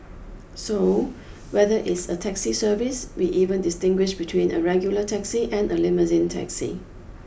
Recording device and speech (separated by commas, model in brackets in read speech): boundary microphone (BM630), read sentence